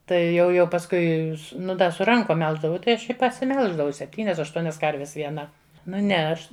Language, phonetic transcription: Lithuanian, ˈtai ˈjau jau pasˈkui su nu da su ˈrankom ˈmelždavau ˈtai ˈaš i pasiˈmelždavau sepˈtynias ašˈtuonias ˈkarves vieˈna nu ˈne ˈaš

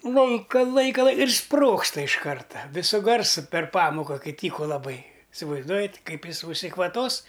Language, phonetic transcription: Lithuanian, ˈlaika ˈlaika lai ir ˈsprogsta iš ˈkarta ˈvisu ˈgarsu per ˈpamoka ˈkai ˈtyku laˈbai isivaizˈduojat' ˈkaip ˈjis užsikvaˈtos

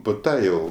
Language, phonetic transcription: Lithuanian, pu ˈta ˈjau

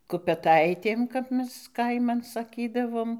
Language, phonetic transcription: Lithuanian, kupeˈtaitėm kap ˈmes ˈkaiman saˈkydavom

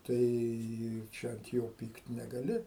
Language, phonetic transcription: Lithuanian, tai ˈčia ant ˈjo ˈpykt negaˈli

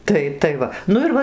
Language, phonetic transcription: Lithuanian, ˈtai tai ˈva ˈnu ir ˈva

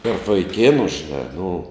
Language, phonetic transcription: Lithuanian, tarp vaiˈkėnu žiˈnā nu

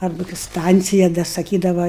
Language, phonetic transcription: Lithuanian, ˈarba kai ˈstancija da saˈkydava

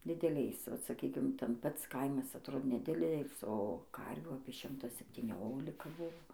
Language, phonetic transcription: Lithuanian, dideˈliais vat saˈkykim ten ˈpats ˈkaimas atˈrodė neˈdilėlis o ˈkarvių apie ˈšimta septyˈniolika ˈbuvo

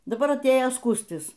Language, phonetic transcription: Lithuanian, daˈbar atˈėjo ˈskūstis

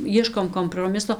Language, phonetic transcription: Lithuanian, ˈjieškom komproˈmiso

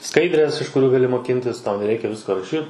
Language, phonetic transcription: Lithuanian, ˈskaidrės iš kuˈrių gaˈli moˈkintis ˈtau neˈreikia ˈvisko raˈšyt

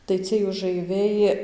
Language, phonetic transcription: Lithuanian, tai ˈciej užaiˈviai

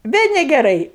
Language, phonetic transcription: Lithuanian, ˈvė negeˈrai

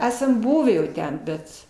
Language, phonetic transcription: Lithuanian, ˈesam ˈbuvį jau ˈten ˈbet

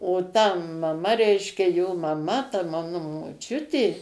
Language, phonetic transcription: Lithuanian, o ta maˈma ˈreiškia jo maˈma ta ˈmanu moˈčiutė

